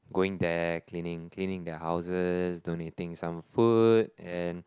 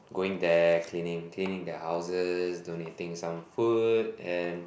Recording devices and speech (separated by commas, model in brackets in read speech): close-talking microphone, boundary microphone, conversation in the same room